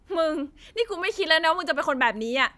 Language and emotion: Thai, sad